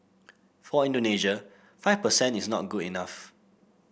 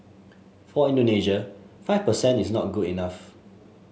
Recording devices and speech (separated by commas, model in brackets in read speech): boundary microphone (BM630), mobile phone (Samsung S8), read sentence